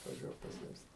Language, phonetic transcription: Lithuanian, atvaˈžiuok paˈsimsi

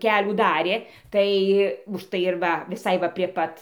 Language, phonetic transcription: Lithuanian, ˈkelių ˈdarė ˈtai užˈtai ir ˈva viˈsai va prie ˈpat

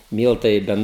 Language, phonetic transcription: Lithuanian, ˈmyltai i ˈben

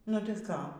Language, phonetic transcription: Lithuanian, nu tai ˈką

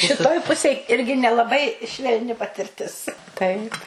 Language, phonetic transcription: Lithuanian, šiˈtoj ˈpusėj ˈirgi nelaˈbai švelˈni patirˈtis ˈtaip

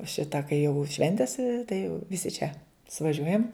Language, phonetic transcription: Lithuanian, ˈšita kai jau ˈšventis tai jau viˈsi čia suvaˈžiuojam

